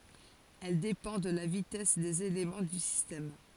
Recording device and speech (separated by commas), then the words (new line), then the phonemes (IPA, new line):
forehead accelerometer, read sentence
Elle dépend de la vitesse des éléments du système.
ɛl depɑ̃ də la vitɛs dez elemɑ̃ dy sistɛm